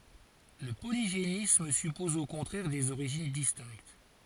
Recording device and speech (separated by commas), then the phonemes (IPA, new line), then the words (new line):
forehead accelerometer, read sentence
lə poliʒenism sypɔz o kɔ̃tʁɛʁ dez oʁiʒin distɛ̃kt
Le polygénisme suppose au contraire des origines distinctes.